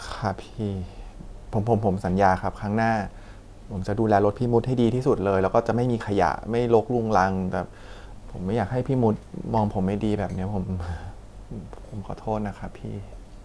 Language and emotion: Thai, sad